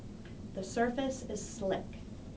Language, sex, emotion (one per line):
English
female
neutral